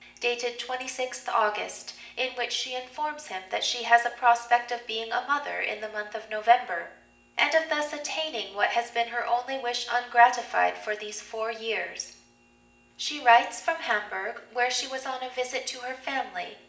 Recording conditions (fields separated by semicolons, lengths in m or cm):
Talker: one person; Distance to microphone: 1.8 m; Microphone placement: close; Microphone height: 1.0 m; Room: large; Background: none